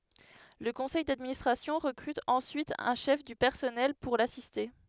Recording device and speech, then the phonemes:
headset microphone, read sentence
lə kɔ̃sɛj dadministʁasjɔ̃ ʁəkʁyt ɑ̃syit œ̃ ʃɛf dy pɛʁsɔnɛl puʁ lasiste

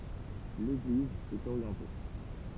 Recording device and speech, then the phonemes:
temple vibration pickup, read sentence
leɡliz ɛt oʁjɑ̃te

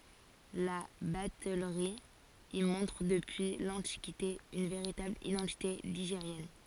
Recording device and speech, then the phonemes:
forehead accelerometer, read sentence
la batɛlʁi i mɔ̃tʁ dəpyi lɑ̃tikite yn veʁitabl idɑ̃tite liʒeʁjɛn

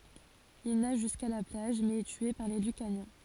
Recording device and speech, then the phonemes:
forehead accelerometer, read sentence
il naʒ ʒyska la plaʒ mɛz ɛ tye paʁ le lykanjɛ̃

